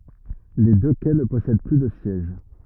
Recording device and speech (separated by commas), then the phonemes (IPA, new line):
rigid in-ear microphone, read sentence
le dø kɛ nə pɔsɛd ply də sjɛʒ